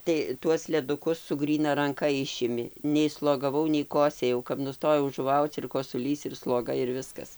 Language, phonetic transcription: Lithuanian, tai ˈtuos leˈdukus su ˈgryna ranˈka ˈišimi nei slogaˈvau nei ˈkosėjau kap nuˈstojau žuˈvauc ir kosuˈlys ir sloˈga ir ˈviskas

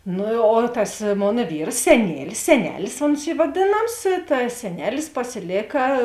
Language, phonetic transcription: Lithuanian, ˈnu o tas ˈmona ˈvyrs seˈnielis seˈnelis ons ˈy vaˈdėnams ta seˈnelis pasiˈlėka

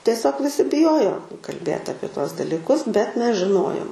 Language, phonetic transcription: Lithuanian, tieˈsiog viˈsi biˈjojo kalˈbėt ˈapie ˈtuos dalyˈkus bet ˈmes žiˈnojom

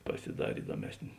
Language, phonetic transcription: Lithuanian, pasiˈdarė ˈidomesnė

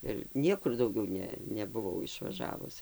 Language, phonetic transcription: Lithuanian, ir ˈniekur dauˈgiau ˈne nebuˈvau išvaˈžavus

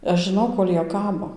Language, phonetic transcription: Lithuanian, aš žiˈnau ˈkol' ˈjie ˈkabo

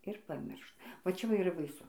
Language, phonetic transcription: Lithuanian, ir paˈmirš va čia ˈva ir yˈra baiˈsu

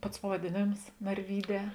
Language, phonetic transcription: Lithuanian, ˈpats pavadėˈnėms narˈvyˌdē

